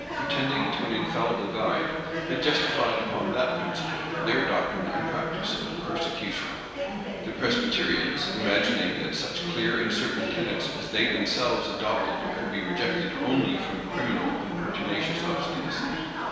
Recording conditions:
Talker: one person; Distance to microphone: 1.7 m; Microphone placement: close; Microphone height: 1.0 m; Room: very reverberant, large; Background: babble

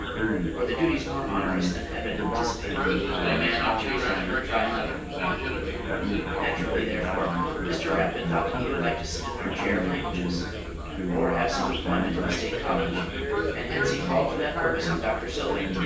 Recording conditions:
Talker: one person; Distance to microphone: 9.8 m; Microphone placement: far; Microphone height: 1.8 m; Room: large; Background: babble

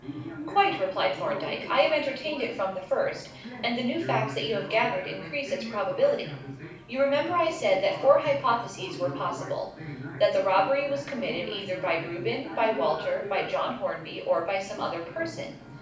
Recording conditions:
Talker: one person; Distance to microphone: 5.8 m; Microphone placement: far; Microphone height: 1.8 m; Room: medium-sized (5.7 m by 4.0 m); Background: television

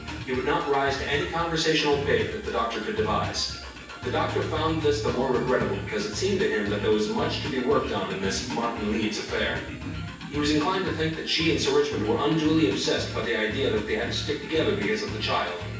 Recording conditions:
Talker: one person; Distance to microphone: 9.8 m; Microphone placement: far; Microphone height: 1.8 m; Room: large; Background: music

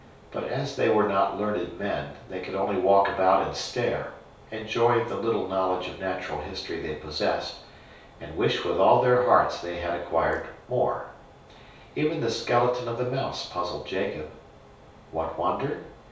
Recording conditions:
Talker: one person; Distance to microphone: 3.0 m; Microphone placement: far; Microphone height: 1.8 m; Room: small (3.7 m by 2.7 m); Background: none

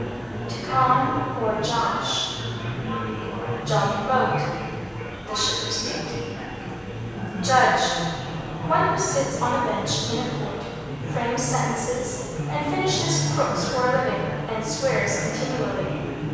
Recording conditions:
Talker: one person; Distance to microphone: 7.1 m; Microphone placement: far; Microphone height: 1.7 m; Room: very reverberant, large; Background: babble

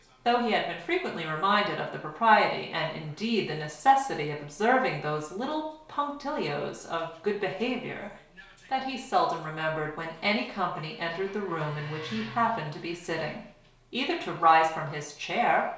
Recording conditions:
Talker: one person; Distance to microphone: 1.0 m; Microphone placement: close; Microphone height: 1.1 m; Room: small (3.7 m by 2.7 m); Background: television

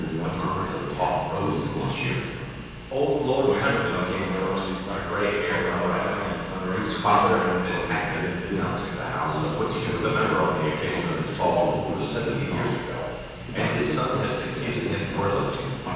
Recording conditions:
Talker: one person; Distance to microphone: 7.1 m; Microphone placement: far; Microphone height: 1.7 m; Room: very reverberant, large; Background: television

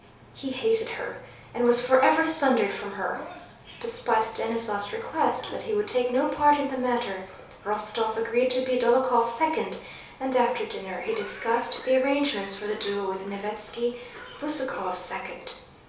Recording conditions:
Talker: one person; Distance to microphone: 3.0 m; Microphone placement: far; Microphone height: 1.8 m; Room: small (3.7 m by 2.7 m); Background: television

